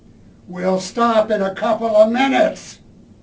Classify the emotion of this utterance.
angry